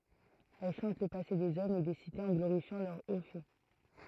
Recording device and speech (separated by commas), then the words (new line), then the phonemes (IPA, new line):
throat microphone, read sentence
Elle chante le passé des hommes et des cités en glorifiant leurs hauts faits.
ɛl ʃɑ̃t lə pase dez ɔmz e de sitez ɑ̃ ɡloʁifjɑ̃ lœʁ o fɛ